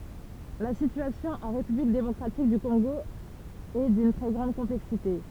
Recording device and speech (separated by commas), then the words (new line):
temple vibration pickup, read sentence
La situation en république démocratique du Congo est d'une très grande complexité.